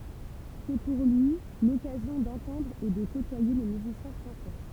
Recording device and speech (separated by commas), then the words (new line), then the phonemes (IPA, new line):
temple vibration pickup, read sentence
C'est pour lui l'occasion d'entendre et de côtoyer les musiciens français.
sɛ puʁ lyi lɔkazjɔ̃ dɑ̃tɑ̃dʁ e də kotwaje le myzisjɛ̃ fʁɑ̃sɛ